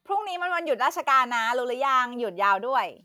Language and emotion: Thai, happy